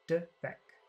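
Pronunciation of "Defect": The sounds in 'defect' are short.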